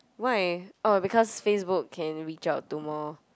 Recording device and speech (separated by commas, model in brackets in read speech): close-talking microphone, conversation in the same room